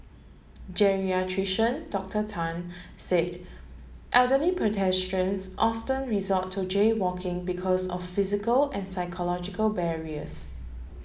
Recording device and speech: mobile phone (Samsung S8), read sentence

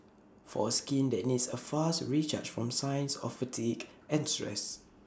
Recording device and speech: standing microphone (AKG C214), read sentence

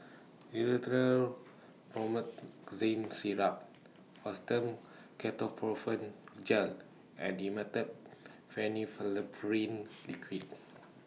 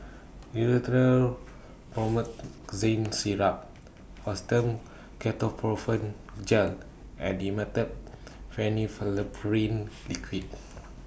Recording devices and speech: mobile phone (iPhone 6), boundary microphone (BM630), read sentence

